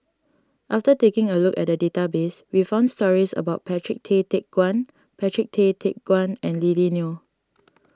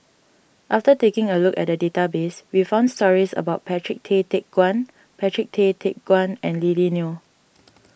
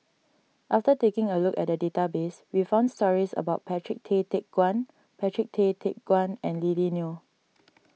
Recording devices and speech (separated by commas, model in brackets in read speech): standing microphone (AKG C214), boundary microphone (BM630), mobile phone (iPhone 6), read sentence